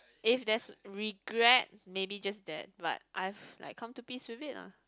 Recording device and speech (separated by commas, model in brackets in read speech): close-talking microphone, conversation in the same room